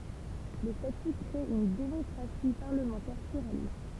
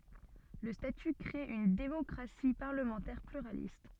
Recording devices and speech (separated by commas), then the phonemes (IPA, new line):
temple vibration pickup, soft in-ear microphone, read sentence
lə staty kʁe yn demɔkʁasi paʁləmɑ̃tɛʁ plyʁalist